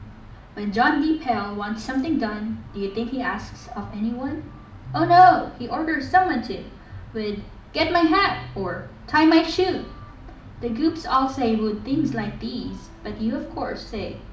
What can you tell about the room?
A moderately sized room.